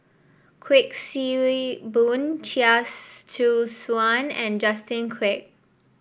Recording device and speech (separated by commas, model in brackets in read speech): boundary microphone (BM630), read sentence